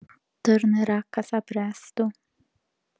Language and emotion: Italian, sad